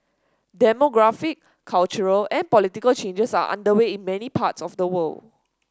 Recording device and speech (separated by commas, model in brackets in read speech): standing microphone (AKG C214), read sentence